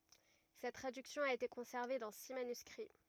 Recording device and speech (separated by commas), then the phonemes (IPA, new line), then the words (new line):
rigid in-ear microphone, read sentence
sɛt tʁadyksjɔ̃ a ete kɔ̃sɛʁve dɑ̃ si manyskʁi
Cette traduction a été conservée dans six manuscrits.